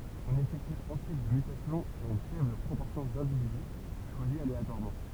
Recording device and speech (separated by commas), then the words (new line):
temple vibration pickup, read sentence
On effectue ensuite des mutations sur une faible proportion d'individus, choisis aléatoirement.